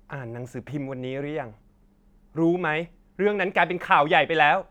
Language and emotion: Thai, angry